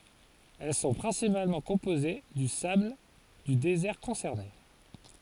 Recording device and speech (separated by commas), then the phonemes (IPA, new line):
forehead accelerometer, read sentence
ɛl sɔ̃ pʁɛ̃sipalmɑ̃ kɔ̃poze dy sabl dy dezɛʁ kɔ̃sɛʁne